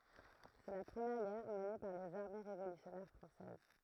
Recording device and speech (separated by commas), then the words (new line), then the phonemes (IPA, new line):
throat microphone, read sentence
C'est la première guerre menée par les armées révolutionnaires françaises.
sɛ la pʁəmjɛʁ ɡɛʁ məne paʁ lez aʁme ʁevolysjɔnɛʁ fʁɑ̃sɛz